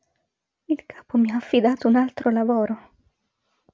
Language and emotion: Italian, fearful